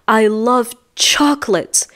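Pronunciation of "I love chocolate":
In 'I love chocolate', the stress falls on 'chocolate'.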